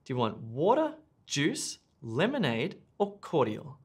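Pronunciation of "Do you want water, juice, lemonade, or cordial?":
The voice rises on 'water', rises on 'juice', rises on 'lemonade', and then falls on 'cordial'.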